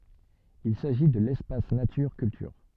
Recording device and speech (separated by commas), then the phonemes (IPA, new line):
soft in-ear microphone, read sentence
il saʒi də lɛspas natyʁ kyltyʁ